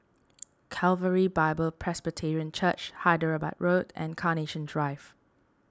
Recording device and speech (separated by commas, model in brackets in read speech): standing microphone (AKG C214), read sentence